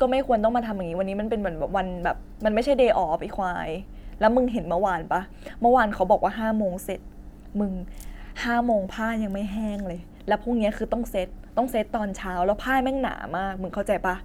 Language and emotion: Thai, frustrated